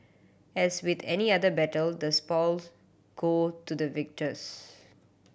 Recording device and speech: boundary microphone (BM630), read sentence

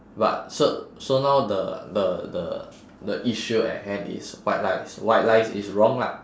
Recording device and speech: standing microphone, conversation in separate rooms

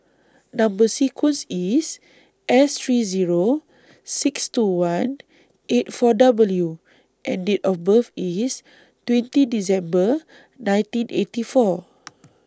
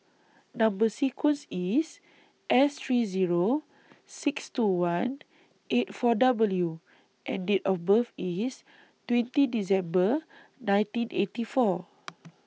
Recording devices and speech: standing microphone (AKG C214), mobile phone (iPhone 6), read sentence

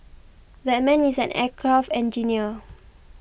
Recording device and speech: boundary microphone (BM630), read sentence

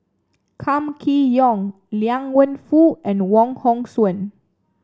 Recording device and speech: standing microphone (AKG C214), read sentence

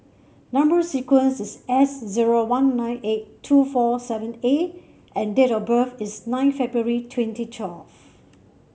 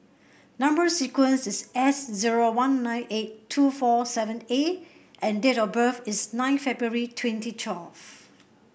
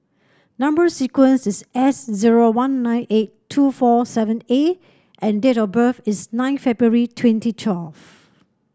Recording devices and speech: mobile phone (Samsung C7), boundary microphone (BM630), standing microphone (AKG C214), read sentence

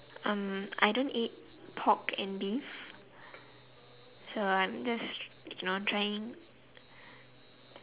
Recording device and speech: telephone, conversation in separate rooms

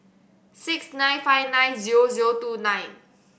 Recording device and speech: boundary microphone (BM630), read sentence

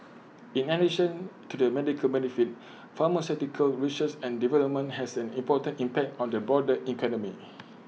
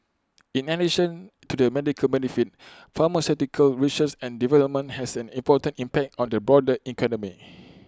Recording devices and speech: mobile phone (iPhone 6), close-talking microphone (WH20), read sentence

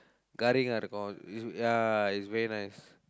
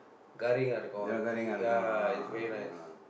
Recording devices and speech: close-talking microphone, boundary microphone, conversation in the same room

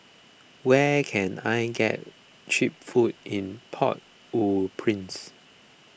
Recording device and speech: boundary microphone (BM630), read sentence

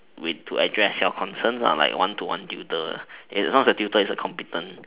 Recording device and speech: telephone, conversation in separate rooms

